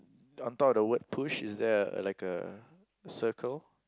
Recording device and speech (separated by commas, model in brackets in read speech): close-talking microphone, conversation in the same room